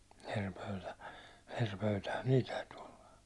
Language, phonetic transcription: Finnish, er 'pöytä , er 'pöytähän "niil täyty olla .
- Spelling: eri pöytä eri pöytähän niillä täytyi olla

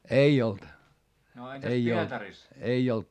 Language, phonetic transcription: Finnish, ei olt , ei olt .
- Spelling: ei ollut ei ollut

